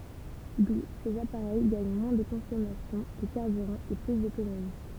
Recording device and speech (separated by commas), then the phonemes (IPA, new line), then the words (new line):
temple vibration pickup, read sentence
du sez apaʁɛj ɡaɲ mwɛ̃ də kɔ̃sɔmasjɔ̃ də kaʁbyʁɑ̃ e ply dotonomi
D'où, ces appareils gagnent moins de consommation de carburant et plus d'autonomie.